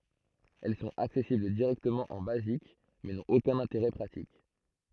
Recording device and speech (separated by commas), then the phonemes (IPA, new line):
throat microphone, read sentence
ɛl sɔ̃t aksɛsibl diʁɛktəmɑ̃ ɑ̃ bazik mɛ nɔ̃t okœ̃n ɛ̃teʁɛ pʁatik